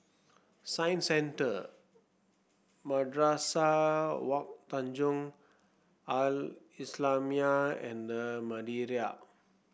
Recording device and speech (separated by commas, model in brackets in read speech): boundary microphone (BM630), read sentence